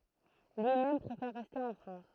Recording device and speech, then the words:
throat microphone, read sentence
Lui-même préfère rester en France.

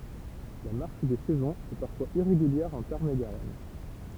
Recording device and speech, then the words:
temple vibration pickup, read sentence
La marche des saisons est parfois irrégulière en Tarn-et-Garonne.

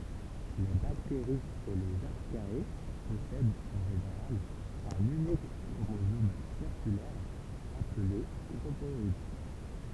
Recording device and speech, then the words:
temple vibration pickup, read sentence
Les bactéries et les Archaea possèdent en général un unique chromosome circulaire appelé chromoïde.

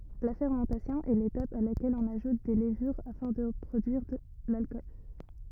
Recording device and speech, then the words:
rigid in-ear microphone, read sentence
La fermentation est l'étape à laquelle on ajoute des levures afin de produire l'alcool.

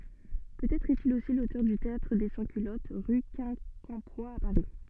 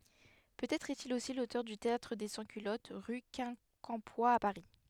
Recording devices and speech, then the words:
soft in-ear microphone, headset microphone, read sentence
Peut-être est-il aussi l'auteur du Théâtre des Sans-Culottes, rue Quincampoix à Paris.

